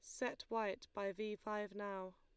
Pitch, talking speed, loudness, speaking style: 205 Hz, 185 wpm, -44 LUFS, Lombard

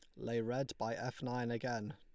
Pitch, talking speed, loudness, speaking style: 120 Hz, 205 wpm, -40 LUFS, Lombard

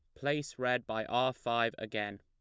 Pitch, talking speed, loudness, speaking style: 120 Hz, 180 wpm, -34 LUFS, plain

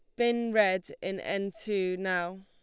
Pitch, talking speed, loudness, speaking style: 195 Hz, 160 wpm, -30 LUFS, Lombard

